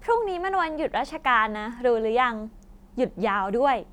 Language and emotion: Thai, happy